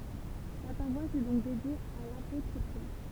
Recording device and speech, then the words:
temple vibration pickup, read sentence
La paroisse est donc dédiée à l'apôtre Pierre.

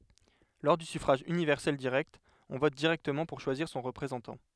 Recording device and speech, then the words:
headset microphone, read sentence
Lors du suffrage universel direct, on vote directement pour choisir son représentant.

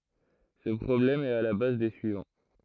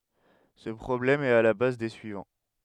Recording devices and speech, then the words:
throat microphone, headset microphone, read sentence
Ce problème est à la base des suivants.

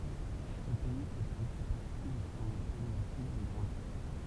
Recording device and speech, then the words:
temple vibration pickup, read sentence
Ce pays fait aussi partie de ce qu'on appelle l'Afrique des grands lacs.

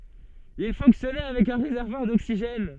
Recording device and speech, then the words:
soft in-ear microphone, read sentence
Il fonctionnait avec un réservoir d'oxygène.

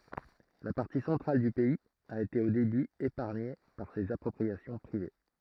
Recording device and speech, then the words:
throat microphone, read sentence
La partie centrale du pays a été au début épargnée par ces appropriations privées.

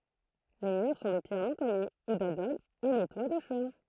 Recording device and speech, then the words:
throat microphone, read sentence
Les murs sont de pierre non taillée ou d'adobe, et les toits de chaume.

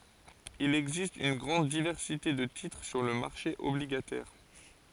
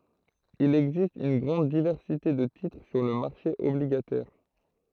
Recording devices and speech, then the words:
forehead accelerometer, throat microphone, read sentence
Il existe une grande diversité de titres sur le marché obligataire.

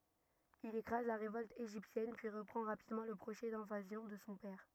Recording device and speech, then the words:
rigid in-ear microphone, read sentence
Il écrase la révolte égyptienne, puis reprend rapidement le projet d'invasion de son père.

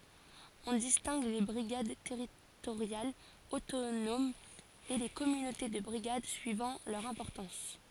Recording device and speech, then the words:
forehead accelerometer, read sentence
On distingue les brigades territoriales autonomes et les communautés de brigades suivant leur importance.

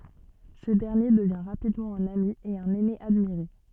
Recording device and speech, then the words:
soft in-ear microphone, read sentence
Ce dernier devient rapidement un ami et un aîné admiré.

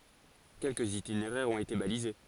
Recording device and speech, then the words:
forehead accelerometer, read sentence
Quelques itinéraires ont été balisés.

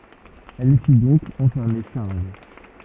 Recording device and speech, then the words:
rigid in-ear microphone, read sentence
Elle fit donc enfermer Charles.

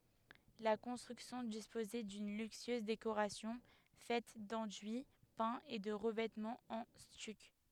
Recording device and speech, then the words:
headset microphone, read sentence
La construction disposait d'une luxueuse décoration faite d'enduits peints et de revêtements en stuc.

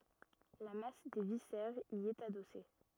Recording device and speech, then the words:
rigid in-ear microphone, read sentence
La masse des viscères y est adossée.

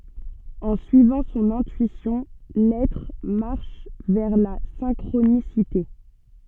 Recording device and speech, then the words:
soft in-ear microphone, read sentence
En suivant son intuition, l'être marche vers la synchronicité.

